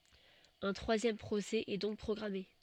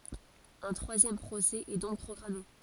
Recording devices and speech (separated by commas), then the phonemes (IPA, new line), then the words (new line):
soft in-ear microphone, forehead accelerometer, read sentence
œ̃ tʁwazjɛm pʁosɛ ɛ dɔ̃k pʁɔɡʁame
Un troisième procès est donc programmé.